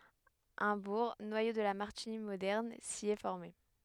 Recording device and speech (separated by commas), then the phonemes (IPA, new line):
headset microphone, read sentence
œ̃ buʁ nwajo də la maʁtiɲi modɛʁn si ɛ fɔʁme